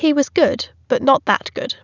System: none